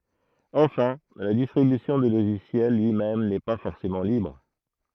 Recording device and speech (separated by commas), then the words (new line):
throat microphone, read sentence
Enfin, la distribution du logiciel lui-même n'est pas forcément libre.